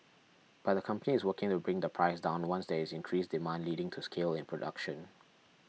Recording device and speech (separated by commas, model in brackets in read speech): mobile phone (iPhone 6), read sentence